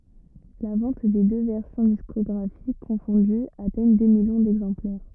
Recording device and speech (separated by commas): rigid in-ear microphone, read sentence